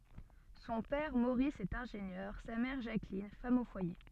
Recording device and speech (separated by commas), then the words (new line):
soft in-ear microphone, read sentence
Son père Maurice est ingénieur, sa mère Jacqueline, femme au foyer.